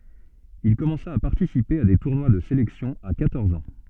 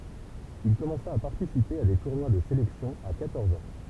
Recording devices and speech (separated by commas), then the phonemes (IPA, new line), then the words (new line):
soft in-ear microphone, temple vibration pickup, read sentence
il kɔmɑ̃sa a paʁtisipe a de tuʁnwa də selɛksjɔ̃ a kwatɔʁz ɑ̃
Il commença à participer à des tournois de sélection à quatorze ans.